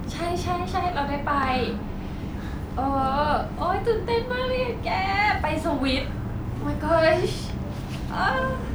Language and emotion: Thai, happy